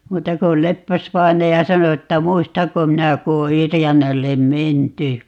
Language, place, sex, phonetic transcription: Finnish, Paavola, female, 'muuta ko 'Leppäsvainaja 'sano 'että "muistaŋko 'minä ku o 'Yrjänällem "menty .
- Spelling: muuta kuin Leppäs-vainaja sanoi että muistanko minä kun on Yrjänälle menty

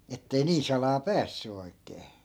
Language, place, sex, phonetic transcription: Finnish, Askola, male, ettei 'niin̬ salaa "päässy 'oi̮k̆kee .
- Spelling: että ei niin salaa päässyt oikein

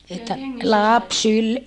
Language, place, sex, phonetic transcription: Finnish, Saarijärvi, female, että , laps syl- , .
- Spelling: että lapsi -

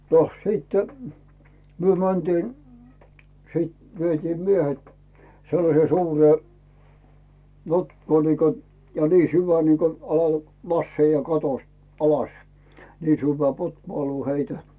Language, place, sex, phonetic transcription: Finnish, Rautu, male, noh siittᴇ , myö mäntiin̬ , siit vietiim 'miehet , sellasee 'suuree , 'notkoo niiko , ja nii 'syvä niiko ala , 'lasseija "katost , 'alas , 'nii sỳvvää 'pothᵘòluu heitä .
- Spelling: no sitten me mentiin sitten vietiin miehet sellaiseen suureen notkoon niin kuin ja niin syvä niin kuin alas laskeutua katosta alas niin syvään pothuoluun heitä

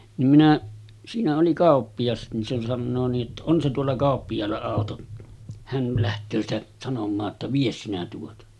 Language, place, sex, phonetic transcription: Finnish, Sotkamo, male, nim minä , siinä oli 'kàoppiʲas nin se 'sannoo nii’ ’että » 'on se tuolla 'kàoppijaalla 'àoto , hän 'lähtöö sitä , sanom̆maa ‿tta » "vies sinä tuota « .
- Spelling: niin minä siinä oli kauppias niin se sanoo niin että on se tuolla kauppiaalla auto hän lähtee sitä sanomaan jotta vie sinä tuota

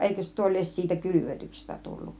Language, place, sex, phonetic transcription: Finnish, Kiihtelysvaara, female, 'èikös 'se tuo lies siitä "kylyvötyksestä 'tulluˀ .
- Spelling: eikös se tuo lie siitä kylvetyksestä tullut

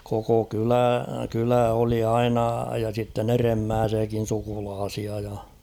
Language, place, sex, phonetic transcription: Finnish, Kauhava, male, koko "kylä , 'kylä oli 'aina ja sitten ‿'eremmääsiäkin̬ 'sukulaasia ja .
- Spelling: koko kylä kylä oli aina ja sitten edemmäisiäkin sukulaisia ja

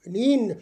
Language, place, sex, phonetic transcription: Finnish, Loppi, male, niin .
- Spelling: niin

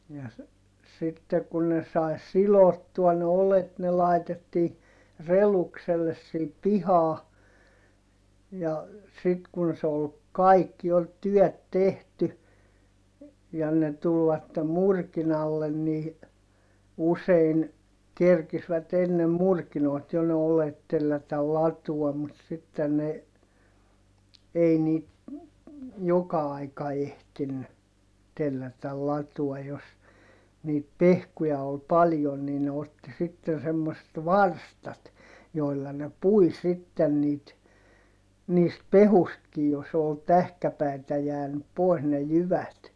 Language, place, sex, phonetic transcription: Finnish, Heinola, male, ja s- , sitte ku ne sai̮ silottua ne olet ne laitettii , relukselles siip pihaa , ja , sit kun se ol , kaikki ol tyɔ̈̀t tehty , ja ne tulvatte murkinallen nii , usein , kerkisvät ennem murkinoit jo ne olet tellätätäl latuɔm mut sitten ne , ei niit , joka aika ehtinny , tellätäl latuɔj jos , niit pehkuja ol paljon nii ne otti sitten semmoset varstat , joi̮lla ne pui sitten niit , niist pehustkij - jos ‿ol tähkäpäitä jäänyp - pois ne jyvät .
- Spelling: ja - sitten kun ne sai sidottua ne oljet ne laitettiin redukselle siihen pihaan ja sitten kun se oli kaikki oli työt tehty ja ne tulivat murkinalle niin usein kerkisivät ennen murkinoita jo ne oljet tellätä latoon mutta sitten ne ei niitä joka aika ehtinyt tellätä latoon jos niitä pehkuja oli paljon niin ne otti sitten semmoiset varstat joilla ne pui sitten niitä niistä pehkuistakin jos oli tähkäpäitä jäänyt pois ne jyvät

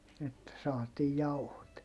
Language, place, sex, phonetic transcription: Finnish, Heinola, male, että saatiij jauhot .
- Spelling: että saatiin jauhot

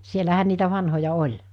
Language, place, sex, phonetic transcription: Finnish, Mikkeli, female, 'sielähän niitä 'vanhoja 'oĺ .
- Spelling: siellähän niitä vanhoja oli

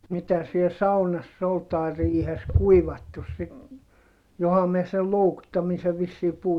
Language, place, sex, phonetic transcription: Finnish, Heinola, male, mitä siel saunass ‿ol tai̮ riihes kuivattus sit , joha miɛ sel loukuttamise vissii puhu ?
- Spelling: mitä siellä saunassa oli tai riihessä kuivattu sitten johan minä sen loukuttamisen vissiin puhuin

